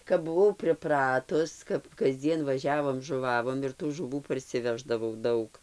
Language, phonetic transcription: Lithuanian, kap buˈvau priˈpratus kap kasˈdzien vaˈžiavom žuˈvavom ir tų žuˈvų parsiˈveždavau ˈdaug

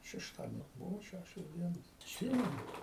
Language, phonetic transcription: Lithuanian, šešˈtadienio ˈbuvo ˈšæšios ˈdienos atˈsymenu

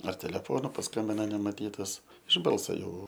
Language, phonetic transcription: Lithuanian, ar teleˈfonu pasˈkambina nemaˈtytas iš ˈbalsa ˈjau

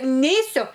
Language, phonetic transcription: Lithuanian, ˈneisiu

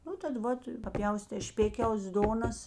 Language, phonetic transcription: Lithuanian, ˈnu tad ˈvat paˈpjaustė ˈšpėkiaus ˈdonas

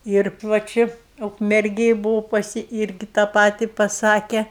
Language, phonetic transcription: Lithuanian, ir va ˈči ukmerˈgėj buˈvau paˈsi ˈirgi tą ˈpati paˈsake

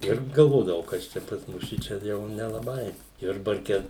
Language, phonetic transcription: Lithuanian, ˈir galˈvodavau ˈkas čia pas ˈmus ˈšičia ˈjau nelaˈbai ˈjurbarke

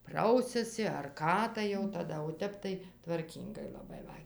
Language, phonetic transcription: Lithuanian, ˈprausiasi ar ˈką tai jau taˈda o ˈtep tai tvarˈkyngai laˈbai va

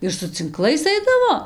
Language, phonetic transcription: Lithuanian, ir su cinˈklais ˈaidavo

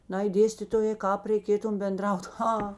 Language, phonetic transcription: Lithuanian, ˈnai ˈdėstitojė ˈkāp reiˈkėtum benˈdraut ˈha

